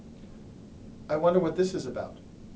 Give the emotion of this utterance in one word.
neutral